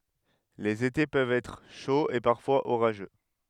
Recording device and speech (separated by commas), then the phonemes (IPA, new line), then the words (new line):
headset microphone, read sentence
lez ete pøvt ɛtʁ ʃoz e paʁfwaz oʁaʒø
Les étés peuvent être chauds et parfois orageux.